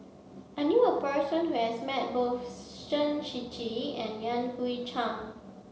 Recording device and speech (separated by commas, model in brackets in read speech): mobile phone (Samsung C7), read sentence